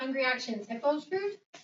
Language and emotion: English, neutral